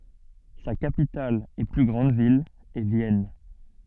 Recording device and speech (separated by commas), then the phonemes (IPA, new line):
soft in-ear microphone, read sentence
sa kapital e ply ɡʁɑ̃d vil ɛ vjɛn